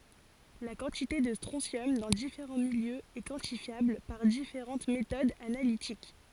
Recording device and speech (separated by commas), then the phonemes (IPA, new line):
forehead accelerometer, read sentence
la kɑ̃tite də stʁɔ̃sjɔm dɑ̃ difeʁɑ̃ miljøz ɛ kwɑ̃tifjabl paʁ difeʁɑ̃t metodz analitik